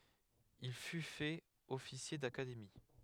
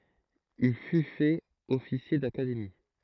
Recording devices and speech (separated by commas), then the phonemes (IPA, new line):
headset microphone, throat microphone, read sentence
il fy fɛt ɔfisje dakademi